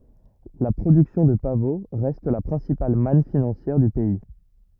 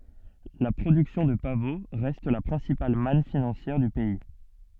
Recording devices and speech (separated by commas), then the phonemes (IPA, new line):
rigid in-ear microphone, soft in-ear microphone, read sentence
la pʁodyksjɔ̃ də pavo ʁɛst la pʁɛ̃sipal man finɑ̃sjɛʁ dy pɛi